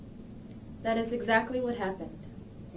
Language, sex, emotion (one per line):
English
female
neutral